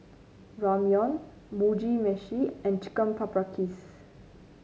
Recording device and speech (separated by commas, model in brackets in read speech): mobile phone (Samsung C9), read sentence